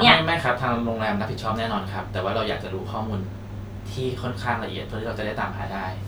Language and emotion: Thai, neutral